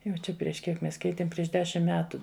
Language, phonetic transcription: Lithuanian, ˈjau čia prieš ˈkiek ˈmes ˈkeitėm ˈprieš ˈdešim ˈmetu

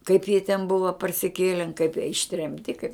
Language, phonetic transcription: Lithuanian, kaip jie ten ˈbuva parsiˈkėlen kaip jie ištremˈti kaip

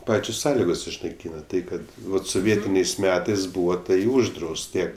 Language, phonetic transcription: Lithuanian, ˈpačios ˈsąligos išnaiˈkyna ˈtai kad ˈvat soˈvietiniais ˈmetais ˈbūva ˈtai ˈuždraust ˈtie

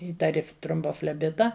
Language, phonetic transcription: Lithuanian, ˈįtari trombofleˈbita

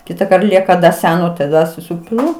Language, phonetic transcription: Lithuanian, ˈkitakart ˈlieka da ˈseno taˈda suˈsipilu

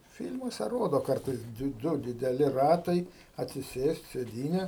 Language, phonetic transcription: Lithuanian, ˈfil'muose ˈrodo ˈkartais ˈdu dideˈli ˈratai atsiˈsėst' sėˈdyne

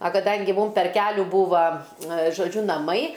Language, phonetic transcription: Lithuanian, a kaˈdangi ˈmūm per ˈkelių ˈbūva žoˈdžiu naˈmai

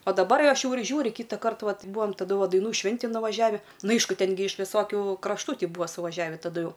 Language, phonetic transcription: Lithuanian, a daˈbar aš jau ir ˈžiūri ˈkytąkart ˈvat ˈbūam taˈdu ˈva daiˈnų ˈšvintin nuvaˈžiavi ˈnu ˈaišku ˈten gi iš viˈsokiu krašˈtų ˈty ˈbuvo suvaˈžiavi taˈdu ˈjau

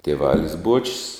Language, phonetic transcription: Lithuanian, tieˈvalis ˈbuočis

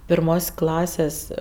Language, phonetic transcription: Lithuanian, pirˈmos' ˈklasės'

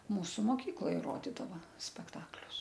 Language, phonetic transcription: Lithuanian, ˈmūsu moˈkykloj ˈrodidava spekˈtaklius

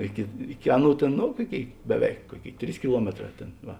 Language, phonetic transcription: Lithuanian, ˈiki ˈiki ˈaˌnų ˈtėn ˈno ˈkuoˌkėi beˈveik ˈkuoˌkėi ˈtrys kiˈluometˌrā ˈtėn ˈva

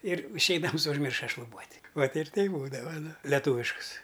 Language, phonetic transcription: Lithuanian, ir išˈeidams užˈmirša šluˈbuot' ˈvat ir ˈteip ˈbūdava ˈnu leˈtuviškus

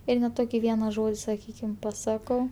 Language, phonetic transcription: Lithuanian, ˈir ne ˈtoki ˈviena ˈžodi saˈkykim paˈsakau

